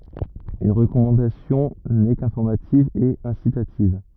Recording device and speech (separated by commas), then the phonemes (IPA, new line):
rigid in-ear microphone, read sentence
yn ʁəkɔmɑ̃dasjɔ̃ nɛ kɛ̃fɔʁmativ e ɛ̃sitativ